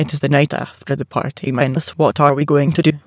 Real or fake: fake